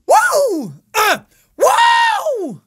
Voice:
cracked voice